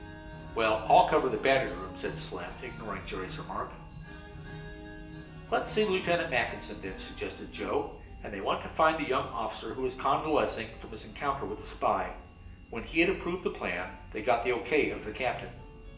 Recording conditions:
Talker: one person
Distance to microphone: 1.8 m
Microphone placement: close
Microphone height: 1.0 m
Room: large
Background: music

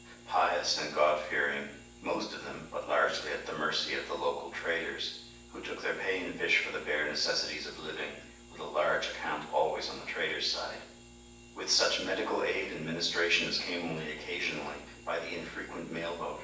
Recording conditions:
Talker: one person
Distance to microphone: 9.8 m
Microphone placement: far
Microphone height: 1.8 m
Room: large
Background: none

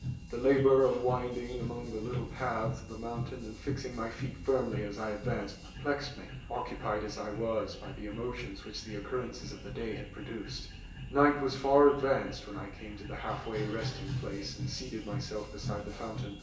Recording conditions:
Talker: one person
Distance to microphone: 1.8 m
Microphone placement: close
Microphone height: 1.0 m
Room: large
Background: music

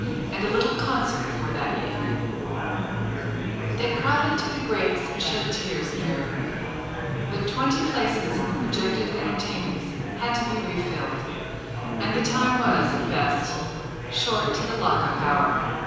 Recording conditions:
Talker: one person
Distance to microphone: 7.1 m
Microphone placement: far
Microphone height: 1.7 m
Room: very reverberant, large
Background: babble

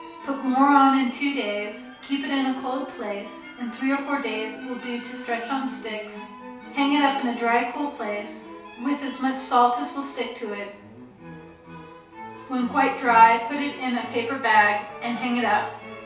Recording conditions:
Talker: one person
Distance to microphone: 3.0 m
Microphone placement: far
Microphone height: 1.8 m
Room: small (3.7 m by 2.7 m)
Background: music

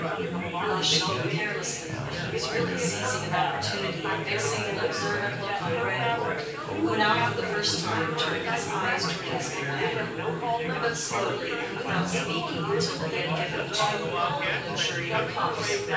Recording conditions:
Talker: one person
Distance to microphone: 9.8 m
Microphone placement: far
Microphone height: 1.8 m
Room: large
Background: babble

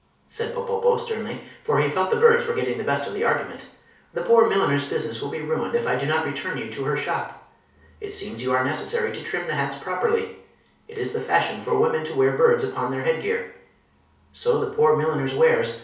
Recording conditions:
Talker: one person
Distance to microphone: 3.0 m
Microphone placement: far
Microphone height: 1.8 m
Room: small (3.7 m by 2.7 m)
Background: none

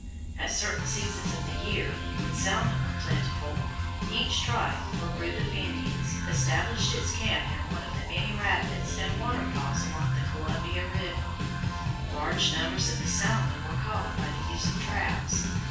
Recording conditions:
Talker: one person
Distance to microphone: 9.8 m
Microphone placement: far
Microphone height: 1.8 m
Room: large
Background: music

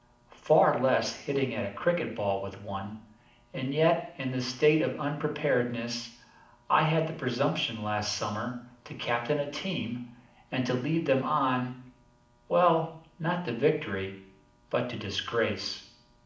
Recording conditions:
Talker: one person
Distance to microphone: 2.0 m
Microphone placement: close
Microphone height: 99 cm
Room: medium-sized (5.7 m by 4.0 m)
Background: none

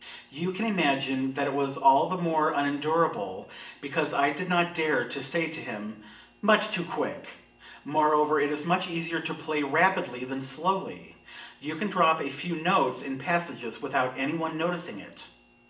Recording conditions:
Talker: one person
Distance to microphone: 1.8 m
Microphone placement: close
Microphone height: 1.0 m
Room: large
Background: none

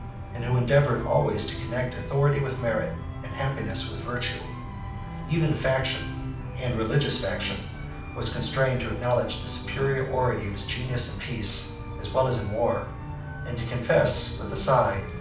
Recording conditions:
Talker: one person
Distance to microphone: 5.8 m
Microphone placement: far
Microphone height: 1.8 m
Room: medium-sized (5.7 m by 4.0 m)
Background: music

